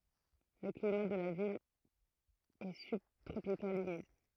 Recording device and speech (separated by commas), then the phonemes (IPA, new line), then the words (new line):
throat microphone, read sentence
lə klima də la vil ɛ sybtʁopikal ymid
Le climat de la ville est subtropical humide.